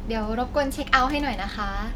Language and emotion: Thai, neutral